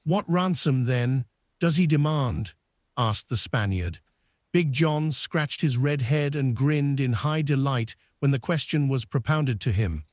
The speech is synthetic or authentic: synthetic